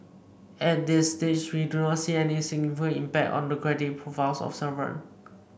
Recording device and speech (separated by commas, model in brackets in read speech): boundary microphone (BM630), read sentence